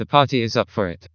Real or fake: fake